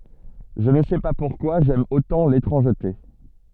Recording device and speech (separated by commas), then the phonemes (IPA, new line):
soft in-ear microphone, read sentence
ʒə nə sɛ pa puʁkwa ʒɛm otɑ̃ letʁɑ̃ʒte